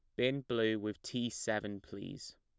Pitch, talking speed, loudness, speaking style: 110 Hz, 165 wpm, -37 LUFS, plain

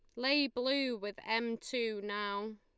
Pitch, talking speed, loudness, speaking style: 230 Hz, 150 wpm, -35 LUFS, Lombard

